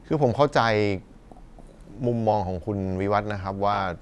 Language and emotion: Thai, neutral